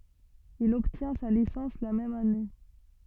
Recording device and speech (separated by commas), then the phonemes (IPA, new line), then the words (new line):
soft in-ear microphone, read sentence
il ɔbtjɛ̃ sa lisɑ̃s la mɛm ane
Il obtient sa licence la même année.